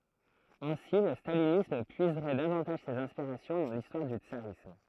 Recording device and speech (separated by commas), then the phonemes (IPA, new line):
throat microphone, read sentence
ɛ̃si lə stalinism pyizʁɛ davɑ̃taʒ sez ɛ̃spiʁasjɔ̃ dɑ̃ listwaʁ dy tsaʁism